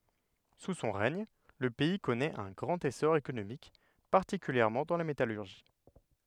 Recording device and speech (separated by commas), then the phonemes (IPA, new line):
headset microphone, read sentence
su sɔ̃ ʁɛɲ lə pɛi kɔnɛt œ̃ ɡʁɑ̃t esɔʁ ekonomik paʁtikyljɛʁmɑ̃ dɑ̃ la metalyʁʒi